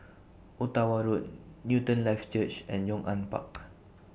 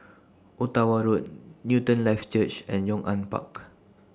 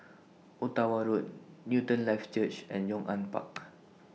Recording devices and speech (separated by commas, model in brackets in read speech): boundary microphone (BM630), standing microphone (AKG C214), mobile phone (iPhone 6), read sentence